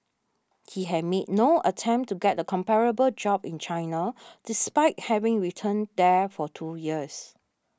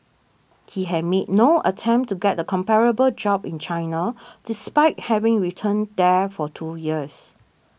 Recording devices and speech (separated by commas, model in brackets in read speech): standing microphone (AKG C214), boundary microphone (BM630), read sentence